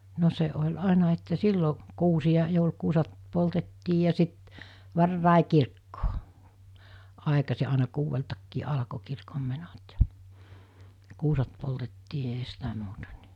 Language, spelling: Finnish, no se oli aina että silloin kuusia joulukuuset poltettiin ja sitten varhain kirkkoon aikaisin aina kuudeltakin alkoi kirkonmenot ja kuuset poltettiin eihän sitä muuta niin
- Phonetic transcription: no 'se oĺ 'àena että 'sillo , 'kuusiʲa 'joulkuusat , 'poltettii ja sit , 'varràe 'kirkkoo , 'àekasi àena 'kuuveltakkii 'alᵃko 'kirkommenot ja , 'kuusat poltettii eɦä sitä muuta nɪ .

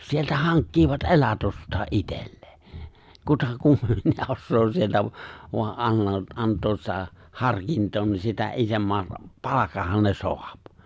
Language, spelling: Finnish, sieltä hankkivat elatustaan itselleen kuta kummempia osaa sieltä - vain - antaa sitä harkintaa niin sitä isomman - palkan ne saa
- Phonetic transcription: sieltä 'haŋkkiivat "’e̬latostaa '’itellee , 'kuta (kummempia) 'ossoo sieltä vo- voa , '’anno- '’ant̀oos sitä , 'harkintoo ni sitä '’isomma , (r-) 'palakah̆han ne 'soap .

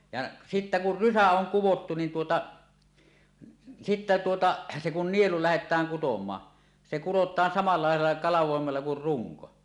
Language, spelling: Finnish, ja sitten kun rysä on kudottu niin tuota sitten tuota se kun nielu lähdetään kutomaan se kurotaan samalla lailla kalvoimella kuin runko
- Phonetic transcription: ja 'sittä 'kur "rysä oŋ 'kuwottu nin tuota , 'sittä 'tuota , se kun nielu "lähet̀ääŋ 'kutom̀aa , se "kurot̆taan samala làel̆la 'kalav̀òemella kur "ruŋko .

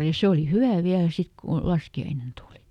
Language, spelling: Finnish, ja se oli hyvä vielä sitten kun laskiainen tuli
- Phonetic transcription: ja ˈse oli "hyvä̀ viälä ˈsit ku , "laski₍ainen ˈtùlI .

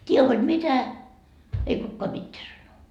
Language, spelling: Finnish, tee hod mitä ei kukaan mitään sano
- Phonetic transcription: 't́ie hod "mitä , ei 'kukkoa 'mitteä sano .

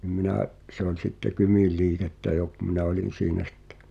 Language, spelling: Finnish, niin minä se oli sitten Kymin liikettä jo kun minä olin siinä sitten
- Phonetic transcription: nim 'minä̀’ , se ‿oĺ 'sitte "Kymìl 'lii(k)että jo , kᵘ 'minä olin̬ 'siinä sᴵttᴇ .

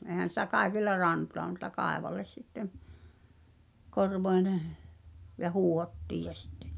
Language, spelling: Finnish, eihän sitä kaikilla rantaa mutta kaivolle sitten - korvoineen ja huuhdottiin ja sitten
- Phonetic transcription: eĭhän̬ sitä 'kaekilla 'rantoa mut̆ta 'kaevolles sittem , 'korv(oi̬ nè) , ja 'huuhottiij ja sittᴇ .

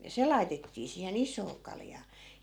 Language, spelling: Finnish, ja se laitettiin siihen isoon kaljaan
- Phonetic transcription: ja 'se lai̮tettii siihe"n ‿is̀oo 'kaljaa .

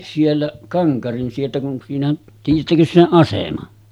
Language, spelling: Finnish, siellä Kankarin sieltä kun siinä tiedättekös sen aseman
- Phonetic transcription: 'sielläˀ , 'Kaŋkarin sieltä kun , siinäˀ , tiij̆jättäkös seˀ 'ˀasema .

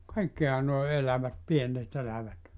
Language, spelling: Finnish, kaikkihan nuo elävät pienet elävät
- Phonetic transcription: "kaikkiha noe 'elävät 'piennet elävät .

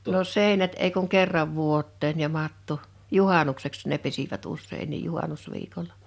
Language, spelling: Finnish, no seinät ei kuin kerran vuoteen ja matto juhannukseksi ne pesivät useinkin juhannusviikolla
- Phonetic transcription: no "sèinät ei kuŋ 'kerrav 'vuot̆teen ja 'matto , "juhanukseks ne 'pesivät 'ussein̆niij 'juhanus'viikola .

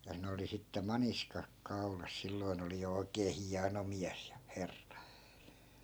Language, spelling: Finnish, ja ne oli sitten maniskat kaulassa silloin oli jo oikein hieno mies ja herra
- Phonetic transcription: ja 'ne oli sitte 'maniskak 'kau̬las 'silloi̮n ‿oli jo 'oikee "hiano miäs ja , 'herra .

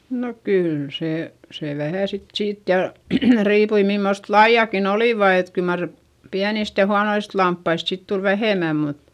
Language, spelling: Finnish, no kyllä se se vähän sitten siitä ja riippui mimmoista lajiakin olivat että kyllä mar pienistä ja huonoista lampaista sitten tuli vähemmän mutta
- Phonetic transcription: no kyyl sè , se vähä̀ sit siit ja , riipui mimmost laiʲakin ‿olìva et kyl mar , piänist ja huanoist lamppaist sit tul vähèmä mut ,.

